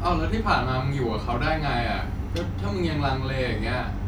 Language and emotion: Thai, frustrated